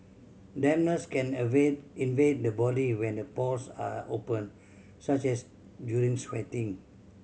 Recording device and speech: mobile phone (Samsung C7100), read sentence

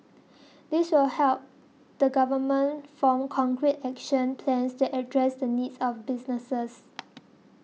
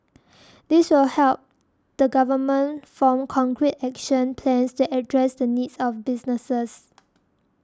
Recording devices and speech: mobile phone (iPhone 6), standing microphone (AKG C214), read sentence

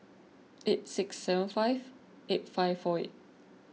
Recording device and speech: mobile phone (iPhone 6), read sentence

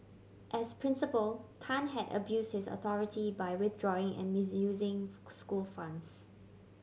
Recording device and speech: mobile phone (Samsung C7100), read sentence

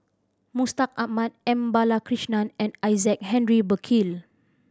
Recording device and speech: standing microphone (AKG C214), read sentence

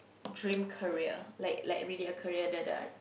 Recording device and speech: boundary microphone, conversation in the same room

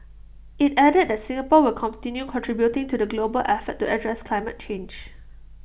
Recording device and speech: boundary microphone (BM630), read sentence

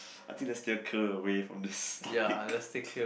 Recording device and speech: boundary microphone, conversation in the same room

